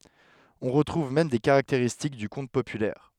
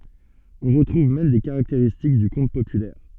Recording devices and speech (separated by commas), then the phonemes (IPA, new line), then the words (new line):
headset microphone, soft in-ear microphone, read sentence
ɔ̃ ʁətʁuv mɛm de kaʁakteʁistik dy kɔ̃t popylɛʁ
On retrouve même des caractéristiques du conte populaire.